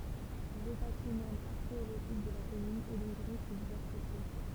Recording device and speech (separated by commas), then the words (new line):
temple vibration pickup, read sentence
Le patrimoine archéologique de la commune est donc riche et diversifié.